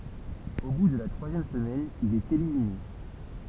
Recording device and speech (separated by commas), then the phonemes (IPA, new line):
temple vibration pickup, read sentence
o bu də la tʁwazjɛm səmɛn il ɛt elimine